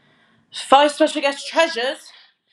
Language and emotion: English, surprised